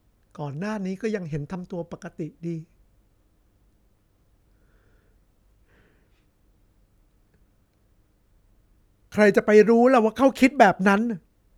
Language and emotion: Thai, sad